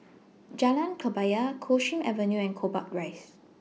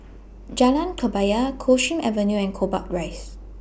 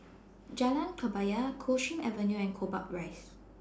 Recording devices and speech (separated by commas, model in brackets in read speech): mobile phone (iPhone 6), boundary microphone (BM630), standing microphone (AKG C214), read sentence